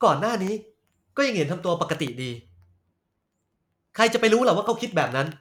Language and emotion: Thai, angry